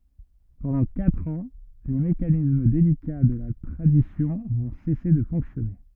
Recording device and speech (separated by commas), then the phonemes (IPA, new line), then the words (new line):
rigid in-ear microphone, read sentence
pɑ̃dɑ̃ katʁ ɑ̃ le mekanism delika də la tʁadisjɔ̃ vɔ̃ sɛse də fɔ̃ksjɔne
Pendant quatre ans, les mécanismes délicats de la tradition vont cesser de fonctionner.